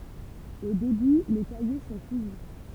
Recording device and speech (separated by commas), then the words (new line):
temple vibration pickup, read sentence
Au début, les cahiers sont cousus.